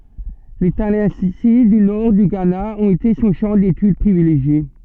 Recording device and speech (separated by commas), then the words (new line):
soft in-ear microphone, read sentence
Les Tallensi du Nord du Ghana ont été son champ d'étude privilégié.